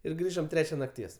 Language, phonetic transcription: Lithuanian, ir ˈgrįžom ˈtrečia nakˈties

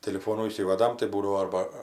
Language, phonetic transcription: Lithuanian, tiliˈfonų įˈsyvadam tai ˈbūdavo ˈarba

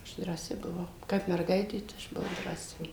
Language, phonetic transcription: Lithuanian, ˈaš drąˈsi buˈvau ˈkap merˈgaitė tai ˈaš buˈvau drąˈsi

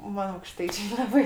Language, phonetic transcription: Lithuanian, ˈman aukˈštaičė laˈbai

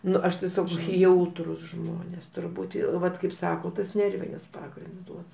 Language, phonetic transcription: Lithuanian, ˈnu ˈaš tieˈsiog ˈjautrūs ˈžmonės turˈbūt u ˈvat kaip ˈsako tas ˈnervinis ˈpagrinds ˈduod

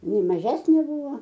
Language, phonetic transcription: Lithuanian, iˈnai maˈžesnė ˈbūvo

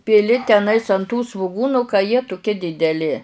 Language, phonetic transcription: Lithuanian, piˈli teˈnais an tų svuˈgūnu ka jie tuˈkie dideˈli

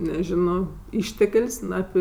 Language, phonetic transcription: Lithuanian, neˈžino ˈištek'l's' ˈnu api

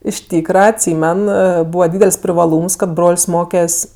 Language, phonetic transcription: Lithuanian, iš ˈtykra atˈsymen ˈbūva ˈdydel's' privaˈlūms kad ˈbrol's' ˈmokes'

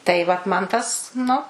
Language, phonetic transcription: Lithuanian, tai ˈvat man ˈtas ˈnu

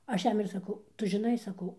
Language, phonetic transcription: Lithuanian, ˈaš ˈjam ir saˈkau ˈtu žiˈnai saˈkau

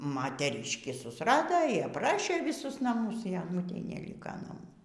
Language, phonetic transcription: Lithuanian, mateˈriškį susˈrado y apˈrašė vyˈsus naˈmus y aˈnutei neˈlyka naˈmų

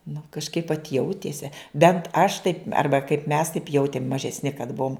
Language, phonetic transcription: Lithuanian, nu kažˈkaip vat ˈjautėse ˈbent aš ˈtaip ˈarba kaip mes taip ˈjautėm mažesˈni kad ˈbuom

